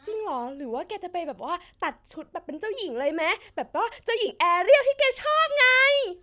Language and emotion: Thai, happy